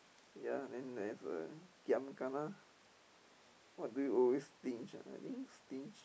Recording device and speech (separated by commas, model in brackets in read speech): boundary microphone, conversation in the same room